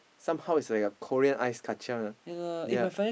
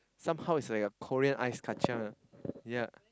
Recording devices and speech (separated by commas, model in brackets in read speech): boundary microphone, close-talking microphone, conversation in the same room